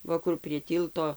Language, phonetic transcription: Lithuanian, ˈva kur prie ˈtylto

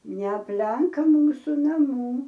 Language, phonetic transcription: Lithuanian, neapˈlenk ˈmūsu naˈmų

